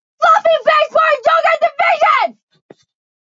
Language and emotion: English, angry